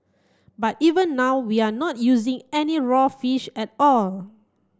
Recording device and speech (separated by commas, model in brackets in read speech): close-talking microphone (WH30), read sentence